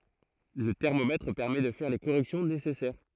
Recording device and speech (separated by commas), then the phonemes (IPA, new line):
throat microphone, read sentence
lə tɛʁmomɛtʁ pɛʁmɛ də fɛʁ le koʁɛksjɔ̃ nesɛsɛʁ